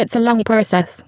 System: VC, spectral filtering